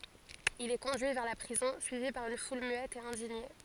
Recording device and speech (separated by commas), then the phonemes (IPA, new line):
forehead accelerometer, read sentence
il ɛ kɔ̃dyi vɛʁ la pʁizɔ̃ syivi paʁ yn ful myɛt e ɛ̃diɲe